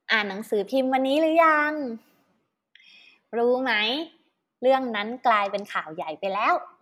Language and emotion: Thai, happy